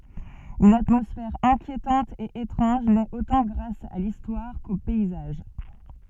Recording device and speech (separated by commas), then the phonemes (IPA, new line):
soft in-ear microphone, read sentence
yn atmɔsfɛʁ ɛ̃kjetɑ̃t e etʁɑ̃ʒ nɛt otɑ̃ ɡʁas a listwaʁ ko pɛizaʒ